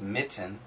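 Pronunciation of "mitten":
'Mitten' has its proper pronunciation here, not the glottal stop version that American speakers usually use.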